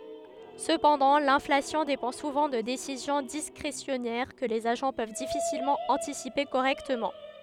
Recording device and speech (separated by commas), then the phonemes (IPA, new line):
headset microphone, read sentence
səpɑ̃dɑ̃ lɛ̃flasjɔ̃ depɑ̃ suvɑ̃ də desizjɔ̃ diskʁesjɔnɛʁ kə lez aʒɑ̃ pøv difisilmɑ̃ ɑ̃tisipe koʁɛktəmɑ̃